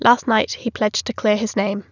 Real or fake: real